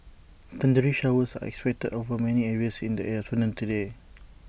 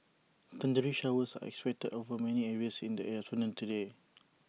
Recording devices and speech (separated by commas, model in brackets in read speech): boundary microphone (BM630), mobile phone (iPhone 6), read sentence